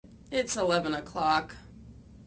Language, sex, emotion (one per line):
English
female
disgusted